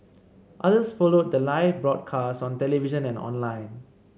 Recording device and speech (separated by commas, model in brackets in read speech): mobile phone (Samsung C7), read sentence